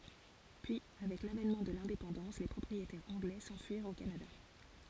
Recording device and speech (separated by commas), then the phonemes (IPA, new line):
forehead accelerometer, read sentence
pyi avɛk lavɛnmɑ̃ də lɛ̃depɑ̃dɑ̃s le pʁɔpʁietɛʁz ɑ̃ɡlɛ sɑ̃fyiʁt o kanada